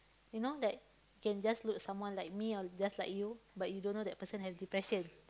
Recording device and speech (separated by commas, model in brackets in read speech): close-talking microphone, conversation in the same room